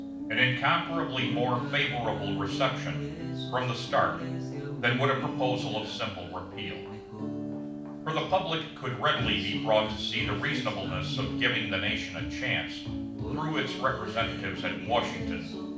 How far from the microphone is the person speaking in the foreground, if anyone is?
5.8 m.